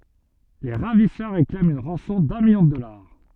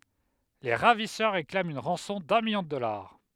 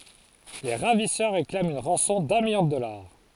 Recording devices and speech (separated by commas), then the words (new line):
soft in-ear microphone, headset microphone, forehead accelerometer, read sentence
Les ravisseurs réclament une rançon d'un million de dollars.